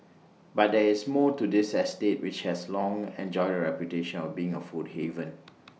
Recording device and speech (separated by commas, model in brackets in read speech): mobile phone (iPhone 6), read sentence